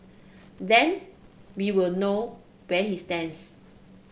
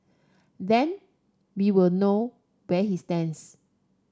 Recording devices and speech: boundary microphone (BM630), standing microphone (AKG C214), read sentence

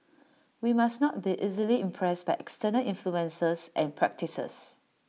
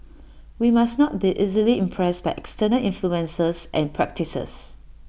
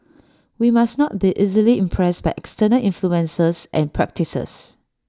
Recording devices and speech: mobile phone (iPhone 6), boundary microphone (BM630), standing microphone (AKG C214), read sentence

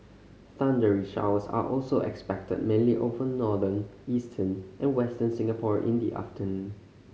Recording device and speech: mobile phone (Samsung C5010), read sentence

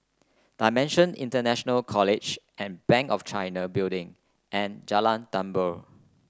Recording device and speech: close-talking microphone (WH30), read sentence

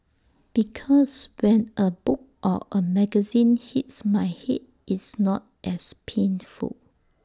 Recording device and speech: standing microphone (AKG C214), read sentence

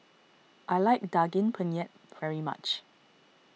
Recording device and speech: mobile phone (iPhone 6), read sentence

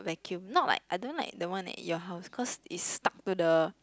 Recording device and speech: close-talking microphone, conversation in the same room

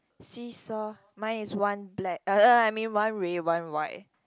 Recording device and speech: close-talking microphone, conversation in the same room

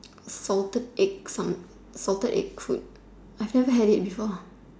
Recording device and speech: standing microphone, conversation in separate rooms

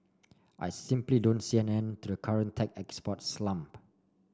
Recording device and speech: standing microphone (AKG C214), read sentence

